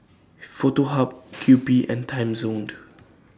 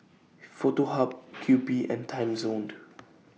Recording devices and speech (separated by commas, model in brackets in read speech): standing microphone (AKG C214), mobile phone (iPhone 6), read sentence